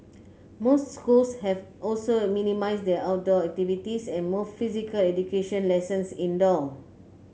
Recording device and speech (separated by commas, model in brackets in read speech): mobile phone (Samsung C9), read sentence